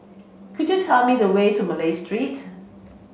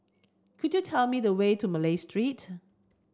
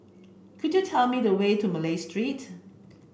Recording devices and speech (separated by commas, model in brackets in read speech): mobile phone (Samsung C5), standing microphone (AKG C214), boundary microphone (BM630), read sentence